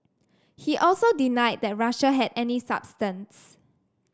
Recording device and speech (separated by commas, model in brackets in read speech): standing microphone (AKG C214), read sentence